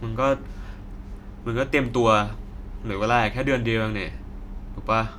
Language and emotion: Thai, frustrated